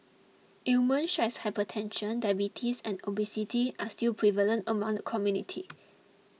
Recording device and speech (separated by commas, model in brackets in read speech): mobile phone (iPhone 6), read sentence